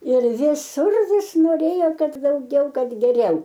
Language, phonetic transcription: Lithuanian, ir viˈsur ˈvis noˈrėjo ˈkad dauˈgiau ˈkad geˈriau

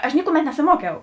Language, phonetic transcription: Lithuanian, aš ˈnikuˌmet nesiˈmuokiau

